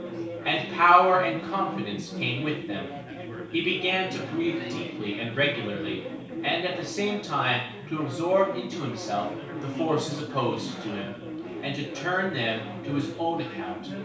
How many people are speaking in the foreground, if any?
One person.